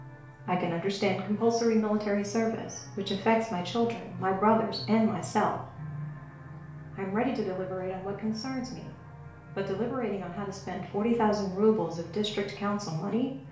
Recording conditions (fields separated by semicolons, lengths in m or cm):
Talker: one person; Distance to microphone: 1.0 m; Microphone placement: close; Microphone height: 1.1 m; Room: small (3.7 m by 2.7 m); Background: television